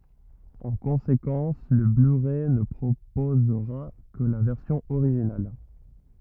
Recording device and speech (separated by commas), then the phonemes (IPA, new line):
rigid in-ear microphone, read sentence
ɑ̃ kɔ̃sekɑ̃s lə blyʁɛ nə pʁopozʁa kə la vɛʁsjɔ̃ oʁiʒinal